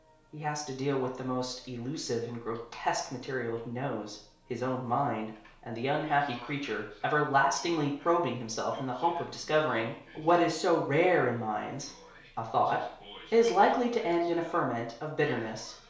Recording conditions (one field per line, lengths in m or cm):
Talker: one person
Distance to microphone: 1.0 m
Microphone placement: close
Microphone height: 1.1 m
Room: small (3.7 m by 2.7 m)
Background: television